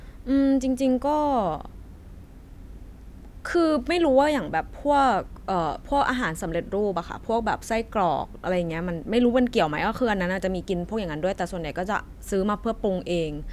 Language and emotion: Thai, neutral